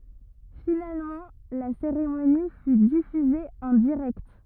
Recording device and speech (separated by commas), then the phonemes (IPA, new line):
rigid in-ear microphone, read sentence
finalmɑ̃ la seʁemoni fy difyze ɑ̃ diʁɛkt